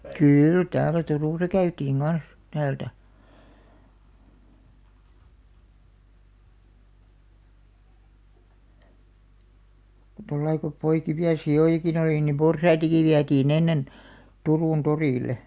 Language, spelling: Finnish, kyllä täällä Turussa käytiin kanssa täältä tuolla lailla kun poikivia sikojakin oli niin porsaitakin vietiin ennen Turun torille
- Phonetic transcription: 'kyl täälä 'Turùsa 'käytiiŋ "ɢans , 'täältä , tollai ko , 'poikivi₍a "si₍òjakin ‿olì nim "porsaitaki 'viätii'n ‿ennen , 'Turùn 'torìle .

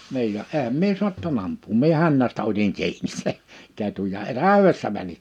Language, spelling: Finnish, niin ja enhän minä saattanut ampua minä hännästä otin kiinni sen ketun ja - täydestä meni
- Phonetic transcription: 'niij ja 'ehäm mie suatta'n ‿amp̆puum mie 'hännästä otiŋ 'ki̬inis se , 'ketuj ja e- "tä̀öwes(t)ä mäni .

